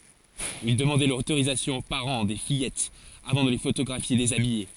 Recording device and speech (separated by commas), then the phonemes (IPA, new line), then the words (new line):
forehead accelerometer, read sentence
il dəmɑ̃dɛ lotoʁizasjɔ̃ o paʁɑ̃ de fijɛtz avɑ̃ də le fotoɡʁafje dezabije
Il demandait l'autorisation aux parents des fillettes avant de les photographier déshabillées.